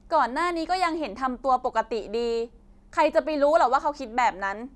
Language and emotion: Thai, angry